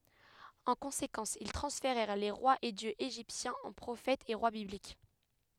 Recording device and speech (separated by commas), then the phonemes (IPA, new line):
headset microphone, read sentence
ɑ̃ kɔ̃sekɑ̃s il tʁɑ̃sfeʁɛʁ le ʁwaz e djøz eʒiptjɛ̃z ɑ̃ pʁofɛtz e ʁwa biblik